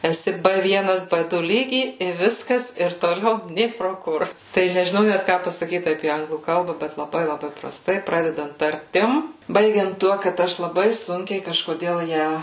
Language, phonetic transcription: Lithuanian, eˈsi ˈbɘ ˈvienas ˈbɘ ˈdu ˈlygy i ˈviskas ir toˈliau ˈnė pro ˈkur tai nežiˈnau ˈnæt ˈką pasaˈkyt apie ˈanglų ˈkalba ˈbet laˈbai laˈbai praˈstai ˈpradedant tarˈtim ˈbaigiant ˈtuo kad ˈaš laˈbai ˈsunkiai kažkoˈdėl ˈją

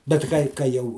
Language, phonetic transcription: Lithuanian, bet ˈkai ka ˈjau

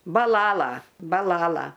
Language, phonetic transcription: Lithuanian, baˈlala baˈlala

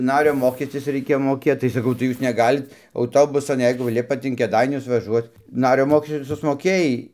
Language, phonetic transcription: Lithuanian, ˈnario ˈmokestis reiˈkėjo moˈkėt tai saˈkau tai ˈjūs neˈgalit auˈtobusan ˈjeigu ˈlipat in kėˈdainius vaˈžuoc ˈnario ˈmokesti susmoˈkėjai

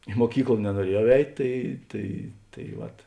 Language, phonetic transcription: Lithuanian, i muoˈkykla nenuoˈriejau ˈeit' ˈtai tai tai ˈvat

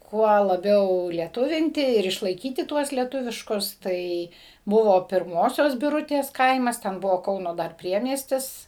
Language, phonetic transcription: Lithuanian, ˈkuo laˈbiau lieˈtuvinti ir išlaiˈkyti ˈtuos lieˈtuviškus ˈtai ˈbuvo pirˈmosios biˈrutės ˈkaimas ˈten ˈbuvo ˈkauno ˈdar ˈpriemiestis

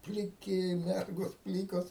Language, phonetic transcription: Lithuanian, pliˈki ˈmergos ˈplykos

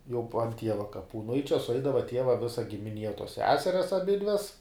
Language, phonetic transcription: Lithuanian, jau puo ˈtieva kaˈpų nu i čia suˈaidava ˈtieva ˈvisa gimiˈnie tuos ˈseserias aˈbidves

